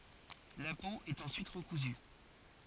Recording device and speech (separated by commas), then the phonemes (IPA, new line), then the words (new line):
forehead accelerometer, read sentence
la po ɛt ɑ̃syit ʁəkuzy
La peau est ensuite recousue.